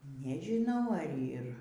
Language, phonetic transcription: Lithuanian, nežiˈnau ar ˈyr

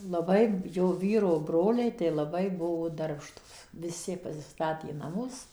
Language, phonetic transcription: Lithuanian, laˈbai ˈjo ˈvyro ˈbroliai tai laˈbai ˈbuvo ˈdarbštūs viˈsi pasiˈstatė naˈmus

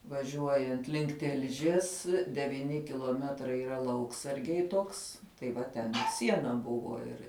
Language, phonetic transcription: Lithuanian, vaˈžiuojant link ˈtilžies devyˈni kiluoˈmetrai yˈra ˈlauksargiai ˈtoks tai ˈva ten i ˈsiena ˈbuvo ˈir

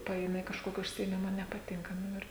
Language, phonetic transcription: Lithuanian, ˈpaėme i kažˈkoki užsiėˈmima nepaˈtinka ˈnu ir

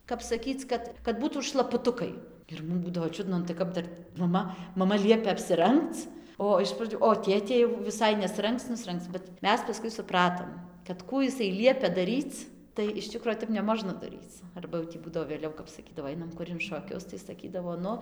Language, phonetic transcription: Lithuanian, kap saˈkyc ˈkad kad ˈbūtūt šlapuˈtukai ir ˈmum ˈbūdavo ˈčiudna nu tai ˈkap dar ˈmama maˈma ˈliepia apsiˈrangc ˈo iš praˈdžiu o ˈtėtė jau viˈsai nesˈrangc nusˈrengc bet ˈmes paˈskui suˈpratom kad ˈkų iˈsai ˈliepia daˈryc tai iš ˈčikro ˈtep neˈmožna daˈryc ˈarba jau tį ˈbūdavo vėˈliau kap saˈkydavo ˈainam ˈkur in šoˈkius tai saˈkydavo ˈnu

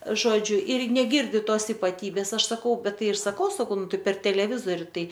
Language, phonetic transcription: Lithuanian, ˈžodžiu ir neˈgirdi ˈtos ipaˈtybės ˈaš saˈkau ˈbet ˈtai ir saˈkau saˈkau ˈnu ˈtai per teleˈvizori ˈtai

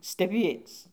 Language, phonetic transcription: Lithuanian, steˈbies

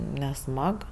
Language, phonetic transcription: Lithuanian, neˈsmag

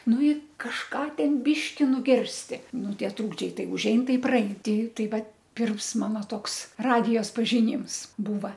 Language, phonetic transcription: Lithuanian, ˈnu i kažˈką ˈten ˈbiški nuˈgirsti ˈnu ˈtie ˈtrūkdžiai ˈtai užˈein ˈtai į praˈein ˈti ˈtai ˈvat ˈpirms ˈmana ˈtoks ˈradijos pažiˈnyms ˈbūva

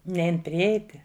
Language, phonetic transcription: Lithuanian, ˈnein priˈeiti

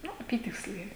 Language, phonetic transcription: Lithuanian, ˈnu aˈpytiksliai

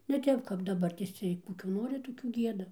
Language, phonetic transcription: Lithuanian, ne ˈtep kap daˈbartės ˈciej ˈkokių ˈnori ˈtokių ˈgieda

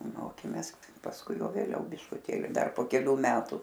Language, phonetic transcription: Lithuanian, ˈmokėmės pasˈkui ˈjau vėˈliau biškuˈtėli ˈdar po keˈlių ˈmetu

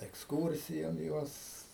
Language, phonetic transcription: Lithuanian, eksˈkūrsijon ˈjuos

